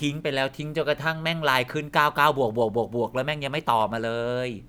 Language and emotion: Thai, frustrated